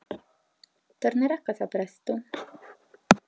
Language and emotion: Italian, neutral